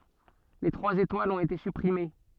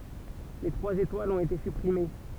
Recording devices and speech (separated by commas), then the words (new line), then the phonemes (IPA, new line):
soft in-ear microphone, temple vibration pickup, read sentence
Les trois étoiles ont été supprimées.
le tʁwaz etwalz ɔ̃t ete sypʁime